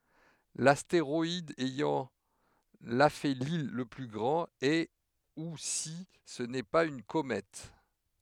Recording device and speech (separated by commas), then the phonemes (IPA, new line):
headset microphone, read sentence
lasteʁɔid ɛjɑ̃ lafeli lə ply ɡʁɑ̃t ɛ u si sə nɛ paz yn komɛt